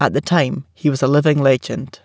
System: none